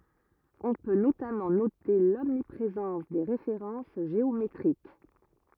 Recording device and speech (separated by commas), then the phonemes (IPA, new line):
rigid in-ear microphone, read sentence
ɔ̃ pø notamɑ̃ note lɔmnipʁezɑ̃s de ʁefeʁɑ̃s ʒeometʁik